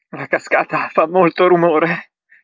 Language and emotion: Italian, fearful